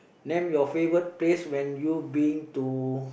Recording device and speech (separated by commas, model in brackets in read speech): boundary microphone, conversation in the same room